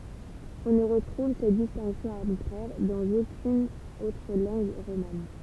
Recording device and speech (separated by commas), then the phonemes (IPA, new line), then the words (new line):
temple vibration pickup, read sentence
ɔ̃ nə ʁətʁuv sɛt distɛ̃ksjɔ̃ aʁbitʁɛʁ dɑ̃z okyn otʁ lɑ̃ɡ ʁoman
On ne retrouve cette distinction arbitraire dans aucune autre langue romane.